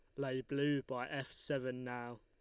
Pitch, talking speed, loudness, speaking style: 130 Hz, 180 wpm, -40 LUFS, Lombard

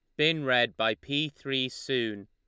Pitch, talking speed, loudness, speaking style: 130 Hz, 175 wpm, -28 LUFS, Lombard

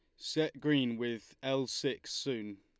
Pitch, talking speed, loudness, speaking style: 130 Hz, 150 wpm, -35 LUFS, Lombard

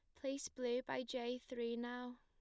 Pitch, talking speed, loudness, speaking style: 245 Hz, 180 wpm, -44 LUFS, plain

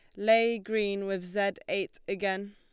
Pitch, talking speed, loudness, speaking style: 200 Hz, 155 wpm, -30 LUFS, Lombard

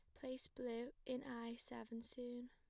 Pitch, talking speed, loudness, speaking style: 245 Hz, 155 wpm, -50 LUFS, plain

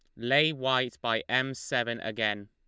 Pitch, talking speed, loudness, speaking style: 120 Hz, 160 wpm, -28 LUFS, Lombard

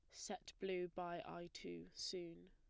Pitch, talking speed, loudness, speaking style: 170 Hz, 155 wpm, -49 LUFS, plain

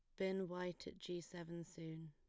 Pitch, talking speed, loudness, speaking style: 175 Hz, 190 wpm, -48 LUFS, plain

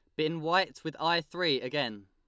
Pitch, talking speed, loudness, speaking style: 160 Hz, 195 wpm, -30 LUFS, Lombard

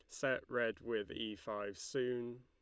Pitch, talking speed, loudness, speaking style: 110 Hz, 160 wpm, -41 LUFS, Lombard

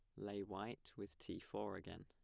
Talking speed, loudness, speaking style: 195 wpm, -50 LUFS, plain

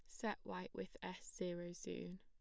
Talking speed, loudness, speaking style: 180 wpm, -48 LUFS, plain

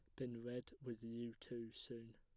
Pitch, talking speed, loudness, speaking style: 120 Hz, 185 wpm, -50 LUFS, plain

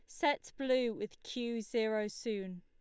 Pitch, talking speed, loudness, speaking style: 230 Hz, 150 wpm, -36 LUFS, Lombard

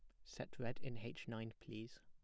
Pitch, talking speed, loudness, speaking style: 115 Hz, 200 wpm, -50 LUFS, plain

